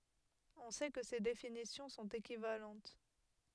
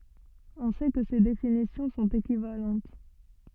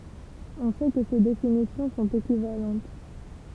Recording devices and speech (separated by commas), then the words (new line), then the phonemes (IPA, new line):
headset microphone, soft in-ear microphone, temple vibration pickup, read sentence
On sait que ces définitions sont équivalentes.
ɔ̃ sɛ kə se definisjɔ̃ sɔ̃t ekivalɑ̃t